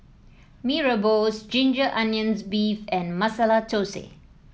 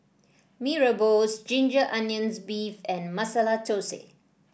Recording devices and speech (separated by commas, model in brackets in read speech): mobile phone (iPhone 7), boundary microphone (BM630), read sentence